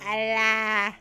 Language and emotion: Thai, happy